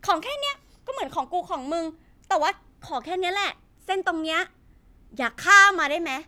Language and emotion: Thai, frustrated